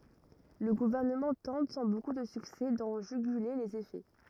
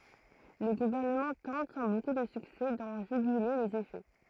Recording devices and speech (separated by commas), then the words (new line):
rigid in-ear microphone, throat microphone, read sentence
Le gouvernement tente, sans beaucoup de succès, d'en juguler les effets.